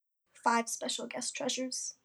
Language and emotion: English, sad